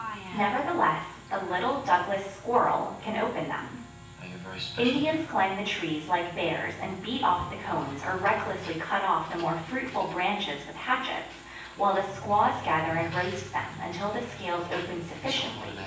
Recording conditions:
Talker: one person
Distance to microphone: 9.8 m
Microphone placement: far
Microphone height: 1.8 m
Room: large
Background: television

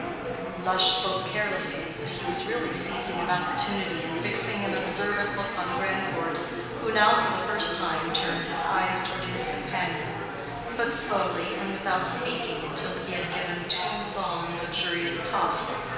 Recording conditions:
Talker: one person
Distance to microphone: 1.7 m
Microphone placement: close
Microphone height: 1.0 m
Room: very reverberant, large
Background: babble

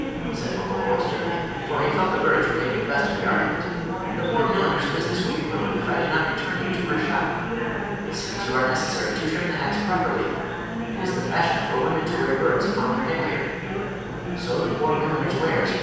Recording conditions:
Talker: one person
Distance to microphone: 7.1 m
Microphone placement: far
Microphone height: 1.7 m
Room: very reverberant, large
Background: babble

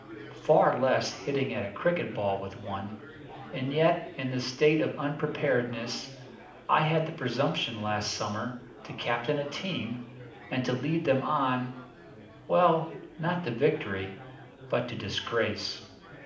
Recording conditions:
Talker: one person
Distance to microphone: 2.0 m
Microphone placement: close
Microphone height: 99 cm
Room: medium-sized (5.7 m by 4.0 m)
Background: babble

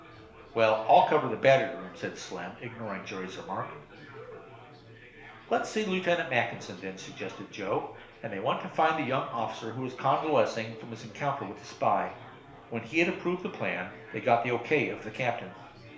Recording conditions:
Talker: one person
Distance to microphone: 1.0 m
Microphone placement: close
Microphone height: 1.1 m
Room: small (3.7 m by 2.7 m)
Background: babble

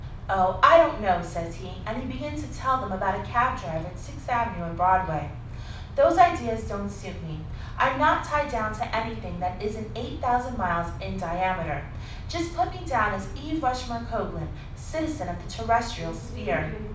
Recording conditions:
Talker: one person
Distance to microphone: 5.8 m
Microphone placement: far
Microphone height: 1.8 m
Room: medium-sized (5.7 m by 4.0 m)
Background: television

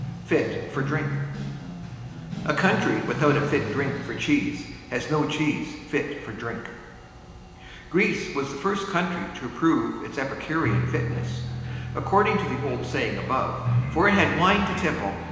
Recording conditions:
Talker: one person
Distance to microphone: 1.7 m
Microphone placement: close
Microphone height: 1.0 m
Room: very reverberant, large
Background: music

